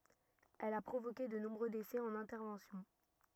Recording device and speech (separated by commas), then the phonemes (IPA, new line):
rigid in-ear microphone, read sentence
ɛl a pʁovoke də nɔ̃bʁø desɛ ɑ̃n ɛ̃tɛʁvɑ̃sjɔ̃